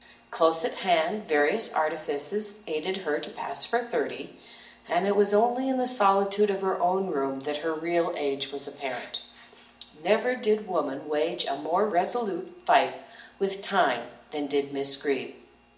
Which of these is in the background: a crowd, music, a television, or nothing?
Nothing.